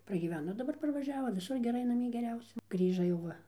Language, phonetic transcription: Lithuanian, pragyˈveno daˈbar parvaˈžiavo viˈsur geˈrai naˈmie geˈriausia ˈgrįža jau ˈva

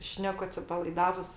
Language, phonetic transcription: Lithuanian, ˈšneku atsipalaiˈdavus

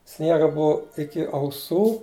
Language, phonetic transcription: Lithuanian, ˈsniega ˈbuu ˈiki auˈsų

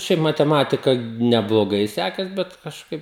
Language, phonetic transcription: Lithuanian, ˈšiaip mateˈmatika nebloˈgai ˈsekės ˈbet kažˈkaip

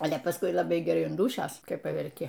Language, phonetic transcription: Lithuanian, ˈale paˈskui laˈbai geˈrai an ˈdūšios kai paverˈki

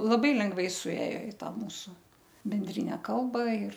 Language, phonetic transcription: Lithuanian, laˈbai lengˈvai suˈėjo i ˈtą ˈmūsu benˈdrine ˈkalba ir

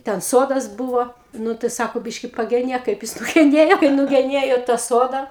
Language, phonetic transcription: Lithuanian, ten ˈsodas ˈbuvo ˈnu tai ˈsako ˈbiški pageˈnėk kaip ˈjis nugeˈnėjo kaip nugeˈnėjo tą ˈsoda

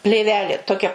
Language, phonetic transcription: Lithuanian, plėˈvelė toˈkia

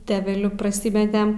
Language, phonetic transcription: Lithuanian, teveˈliu praˈsymetem

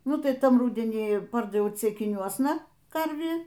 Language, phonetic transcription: Lithuanian, ˈnu tai ˈtam ˈrudenį ˈpardaviau ceikiˈniuosna ˈkarvį

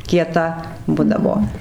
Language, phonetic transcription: Lithuanian, kieˈta ˈbudavo

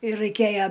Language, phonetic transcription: Lithuanian, ir raiˈkėja

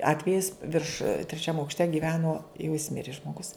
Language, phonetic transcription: Lithuanian, ˈatvejis virš treˈčiam aukšˈte giˈveno jau jis ˈmiri žmoˈgus

